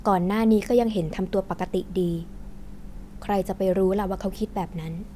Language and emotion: Thai, neutral